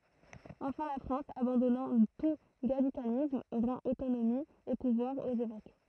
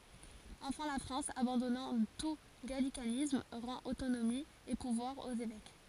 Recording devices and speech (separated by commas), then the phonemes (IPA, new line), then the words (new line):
throat microphone, forehead accelerometer, read sentence
ɑ̃fɛ̃ la fʁɑ̃s abɑ̃dɔnɑ̃ tu ɡalikanism ʁɑ̃t otonomi e puvwaʁz oz evɛk
Enfin la France, abandonnant tout gallicanisme, rend autonomie et pouvoirs aux évêques.